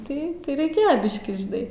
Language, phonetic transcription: Lithuanian, tai ˈtai reiˈkėjo ˈbiškį žiˈnai

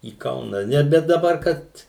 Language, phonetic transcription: Lithuanian, į ˈkauna ˈne bet daˈbar ˈkad

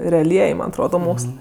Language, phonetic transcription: Lithuanian, reaˈliej ˈman atˈroda ˈmokslɜ

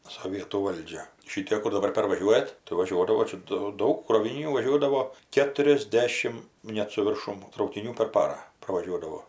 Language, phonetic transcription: Lithuanian, soˈvietų ˈvaldžia ˈšitėk kur daˈbar pervaˈžiuojat tai vaˈžiuodavo ˈčia do ˈdaug krovinyˈnių vaˈžiuodavo keturiasˈdešim ˈnet su virˈšum traukiˈnių per ˈparą pravaˈžiuodavo

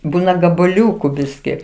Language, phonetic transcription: Lithuanian, ˈbūna gabaˈliūku ˈbiski

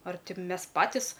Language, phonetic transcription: Lithuanian, ar ˈti ˈmes ˈpatis

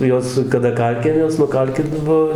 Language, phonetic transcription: Lithuanian, nu ˈjos kaˈda ˈkalkinės nuˈkalkit ˈbuo

